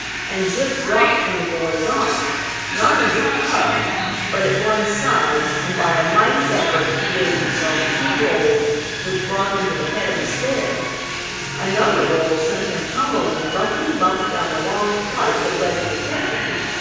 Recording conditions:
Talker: one person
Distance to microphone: 7.1 m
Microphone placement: far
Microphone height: 1.7 m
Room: very reverberant, large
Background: television

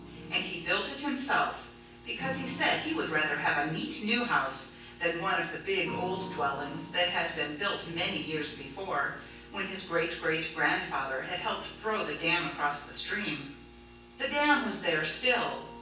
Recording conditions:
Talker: one person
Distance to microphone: 9.8 m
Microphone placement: far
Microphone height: 1.8 m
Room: large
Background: music

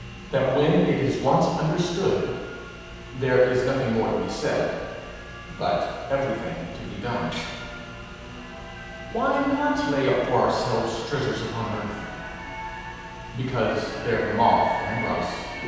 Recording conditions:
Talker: one person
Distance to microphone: 7.1 m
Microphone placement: far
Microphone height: 1.7 m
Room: very reverberant, large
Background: television

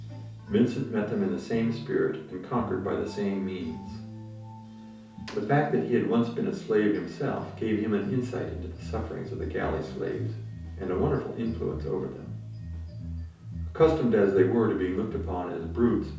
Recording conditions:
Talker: one person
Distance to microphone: 3.0 m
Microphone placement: far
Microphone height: 1.8 m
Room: small (3.7 m by 2.7 m)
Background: music

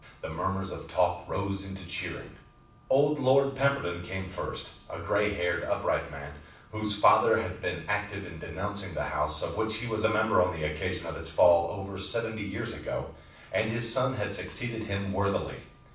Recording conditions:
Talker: one person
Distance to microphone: 5.8 m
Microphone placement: far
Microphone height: 1.8 m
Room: medium-sized (5.7 m by 4.0 m)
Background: none

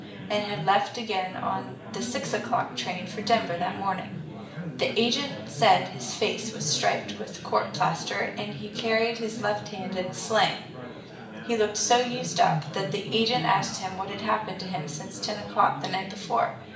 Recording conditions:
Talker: one person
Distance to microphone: 1.8 m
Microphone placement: close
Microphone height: 1.0 m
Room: large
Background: babble

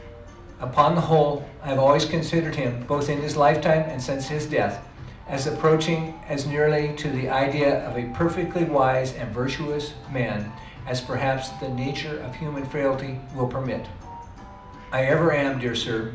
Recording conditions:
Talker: one person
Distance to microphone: 2.0 m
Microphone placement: close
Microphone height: 99 cm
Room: medium-sized (5.7 m by 4.0 m)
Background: music

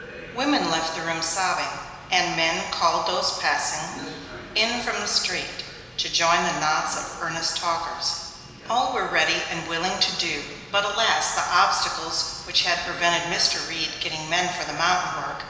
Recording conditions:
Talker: one person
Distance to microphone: 1.7 m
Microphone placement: close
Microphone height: 1.0 m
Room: very reverberant, large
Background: television

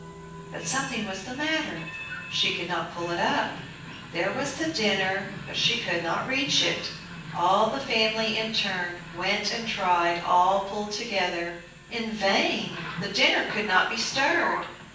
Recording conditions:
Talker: one person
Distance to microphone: 9.8 m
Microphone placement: far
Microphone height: 1.8 m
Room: large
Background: television

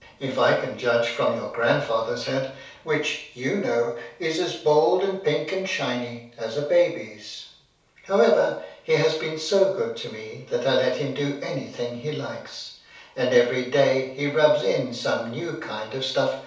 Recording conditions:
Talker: one person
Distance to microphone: 3.0 m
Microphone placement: far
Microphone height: 1.8 m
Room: small (3.7 m by 2.7 m)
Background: none

